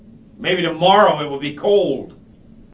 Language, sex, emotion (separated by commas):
English, male, angry